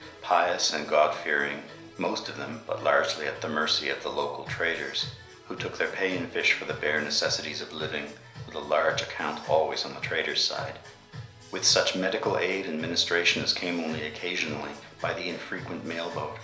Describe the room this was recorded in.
A compact room.